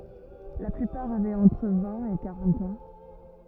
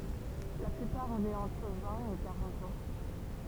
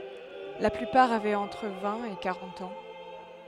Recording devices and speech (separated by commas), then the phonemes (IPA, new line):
rigid in-ear microphone, temple vibration pickup, headset microphone, read sentence
la plypaʁ avɛt ɑ̃tʁ vɛ̃t e kaʁɑ̃t ɑ̃